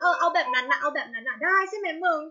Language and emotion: Thai, happy